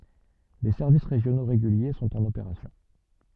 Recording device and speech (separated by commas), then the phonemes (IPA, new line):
soft in-ear microphone, read sentence
de sɛʁvis ʁeʒjono ʁeɡylje sɔ̃t ɑ̃n opeʁasjɔ̃